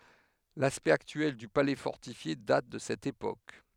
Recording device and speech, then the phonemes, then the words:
headset microphone, read sentence
laspɛkt aktyɛl dy palɛ fɔʁtifje dat də sɛt epok
L'aspect actuel du palais fortifié date de cette époque.

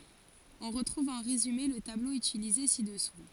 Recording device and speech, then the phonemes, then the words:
forehead accelerometer, read sentence
ɔ̃ ʁətʁuv ɑ̃ ʁezyme lə tablo ytilize sidɛsu
On retrouve en résumé le tableau utilisé ci-dessous.

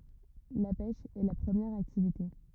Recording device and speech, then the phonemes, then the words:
rigid in-ear microphone, read sentence
la pɛʃ ɛ la pʁəmjɛʁ aktivite
La pêche est la première activité.

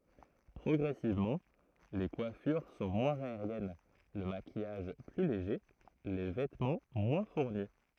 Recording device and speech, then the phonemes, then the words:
throat microphone, read sentence
pʁɔɡʁɛsivmɑ̃ le kwafyʁ sɔ̃ mwɛ̃z aeʁjɛn lə makijaʒ ply leʒe le vɛtmɑ̃ mwɛ̃ fuʁni
Progressivement, les coiffures sont moins aériennes, le maquillage plus léger, les vêtements moins fournis.

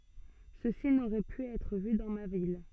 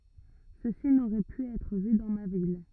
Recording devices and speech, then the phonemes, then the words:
soft in-ear microphone, rigid in-ear microphone, read sentence
səsi noʁɛ py ɛtʁ vy dɑ̃ ma vil
Ceci n'aurait pu être vu dans ma ville.

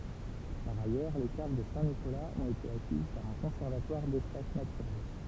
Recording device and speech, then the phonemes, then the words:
temple vibration pickup, read sentence
paʁ ajœʁ le kav də sɛ̃tnikolaz ɔ̃t ete akiz paʁ œ̃ kɔ̃sɛʁvatwaʁ dɛspas natyʁɛl
Par ailleurs, les caves de Saint-Nicolas ont été acquises par un conservatoire d'espaces naturels.

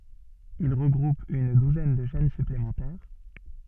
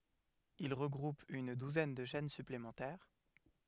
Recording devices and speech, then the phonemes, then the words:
soft in-ear microphone, headset microphone, read sentence
il ʁəɡʁup yn duzɛn də ʃɛn syplemɑ̃tɛʁ
Il regroupe une douzaine de chaînes supplémentaires.

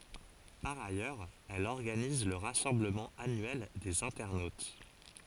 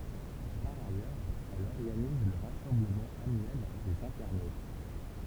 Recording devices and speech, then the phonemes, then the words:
forehead accelerometer, temple vibration pickup, read sentence
paʁ ajœʁz ɛl ɔʁɡaniz lə ʁasɑ̃bləmɑ̃ anyɛl dez ɛ̃tɛʁnot
Par ailleurs, elle organise le rassemblement annuel des internautes.

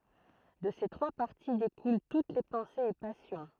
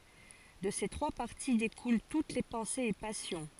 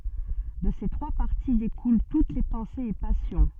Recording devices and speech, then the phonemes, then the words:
throat microphone, forehead accelerometer, soft in-ear microphone, read sentence
də se tʁwa paʁti dekulɑ̃ tut le pɑ̃sez e pasjɔ̃
De ces trois parties découlent toutes les pensées et passions.

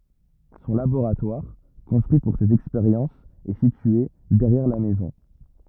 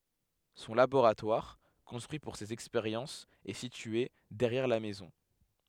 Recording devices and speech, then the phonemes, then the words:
rigid in-ear microphone, headset microphone, read sentence
sɔ̃ laboʁatwaʁ kɔ̃stʁyi puʁ sez ɛkspeʁjɑ̃sz ɛ sitye dɛʁjɛʁ la mɛzɔ̃
Son laboratoire, construit pour ses expériences est situé derrière la maison.

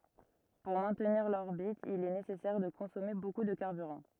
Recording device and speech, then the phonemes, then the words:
rigid in-ear microphone, read sentence
puʁ mɛ̃tniʁ lɔʁbit il ɛ nesɛsɛʁ də kɔ̃sɔme boku də kaʁbyʁɑ̃
Pour maintenir l'orbite, il est nécessaire de consommer beaucoup de carburant.

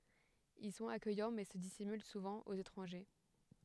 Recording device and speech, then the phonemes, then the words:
headset microphone, read sentence
il sɔ̃t akœjɑ̃ mɛ sə disimyl suvɑ̃ oz etʁɑ̃ʒe
Ils sont accueillants mais se dissimulent souvent aux étrangers.

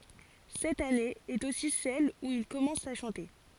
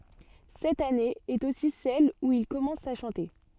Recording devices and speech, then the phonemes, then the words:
forehead accelerometer, soft in-ear microphone, read sentence
sɛt ane ɛt osi sɛl u il kɔmɑ̃s a ʃɑ̃te
Cette année est aussi celle où il commence à chanter.

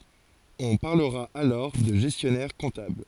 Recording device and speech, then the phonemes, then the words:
forehead accelerometer, read sentence
ɔ̃ paʁləʁa alɔʁ də ʒɛstjɔnɛʁ kɔ̃tabl
On parlera alors de gestionnaire-comptable.

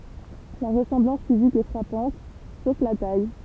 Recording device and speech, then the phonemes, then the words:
temple vibration pickup, read sentence
la ʁəsɑ̃blɑ̃s fizik ɛ fʁapɑ̃t sof la taj
La ressemblance physique est frappante, sauf la taille.

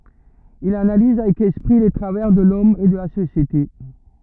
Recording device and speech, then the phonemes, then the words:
rigid in-ear microphone, read sentence
il analiz avɛk ɛspʁi le tʁavɛʁ də lɔm e də la sosjete
Il analyse avec esprit les travers de l'homme et de la société.

